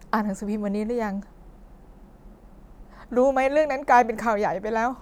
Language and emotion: Thai, sad